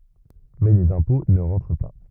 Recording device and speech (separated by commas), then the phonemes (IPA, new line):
rigid in-ear microphone, read sentence
mɛ lez ɛ̃pɔ̃ nə ʁɑ̃tʁ pa